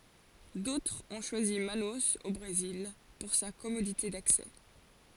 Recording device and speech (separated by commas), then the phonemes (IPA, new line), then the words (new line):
forehead accelerometer, read sentence
dotʁz ɔ̃ ʃwazi manoz o bʁezil puʁ sa kɔmodite daksɛ
D’autres ont choisi Manaus, au Brésil, pour sa commodité d’accès.